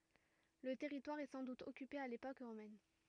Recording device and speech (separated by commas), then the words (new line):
rigid in-ear microphone, read sentence
Le territoire est sans doute occupé à l'époque romaine.